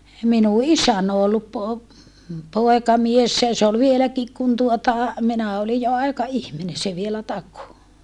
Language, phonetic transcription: Finnish, minu isän ‿o ollup po- , poekamiessä ja se ol vieläkik kun tuota , minä olij jo aika₍ihmine se vielä tako .
- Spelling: minun isäni on ollut - poikamiehenä ja se oli vieläkin kun tuota minä olin jo aikaihminen se vielä takoi

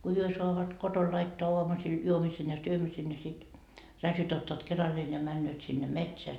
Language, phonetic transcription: Finnish, ko 'hyö soavat 'koton laittoa 'oamusil , 'juomisen ja 'syömisen ja sit , 'ratjot ottaat 'keralleen ja männööt sinne "metseä .
- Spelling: kun he saavat kotona laittaa aamusilla juomisen ja syömisen ja sitten radiot ottavat keralleen ja menevät sinne metsään

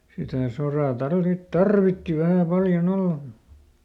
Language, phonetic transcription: Finnish, sitä ˈsorà ˈtarvit- , "tarvitti ˈvähä "paljoˈn ‿olla mu(t) ,.
- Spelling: sitä soraa - tarvitsi vähän paljon olla mutta

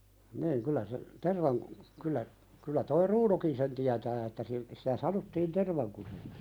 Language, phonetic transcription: Finnish, niiŋ kyllä se , 'tervaŋku- , kyl̆lä , kullä toi "Ruunòkin sen 'tiätää että sil- , sitä "sanottiin 'tervaŋkusek(s) .
- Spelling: niin kyllä se - kyllä kyllä tuo Runokin sen tietää että - sitä sanottiin tervankuseksi

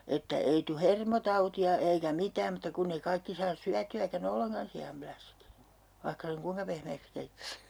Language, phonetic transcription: Finnish, että 'ei tu "hermotauti₍a eikä "mitääm mutta 'kunneⁱ 'kaikki saas 'syäty₍äkä"n ‿olleŋkan si₍am'pläsk , 'vaihka seŋ "kuiŋka pehmeeks 'keittäs .
- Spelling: että ei tule hermotautia eikä mitään mutta kun ei kaikki saa syötyäkään ollenkaan sianläskiä vaikka sen kuinka pehmeäksi keittäisi

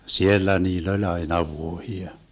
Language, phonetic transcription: Finnish, "siellä 'niill ‿oĺ 'aina "vuohia .
- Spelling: siellä niillä oli aina vuohia

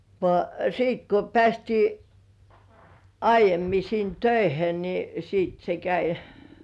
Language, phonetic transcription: Finnish, vŏà 'siit ko "pĕä̀stii , 'aij̆jemmi sin "töihe ni , siit se käi .
- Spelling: vaan sitten kun päästiin aiemmin sinne töihin niin sitten se kävi

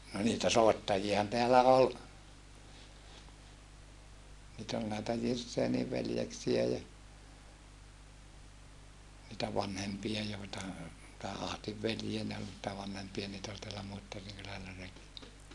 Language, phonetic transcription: Finnish, no niitä soettajiahan teälä ol , niit ‿ol näetä Jirsseeniv veljeksiä ja , nitä vanhempia joeta , tää Ahtiv veljiä ne ol nⁱtä vanhempia niit ‿ol teälä Muittariŋ kylällä ( - -) .
- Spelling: no niitä soittajiahan täällä oli niitä oli näitä Girsenin veljeksiä ja niitä vanhempia joita tämän Ahdin veljiä ne oli niitä vanhempia niitä oli täällä Muittarin kylällä -

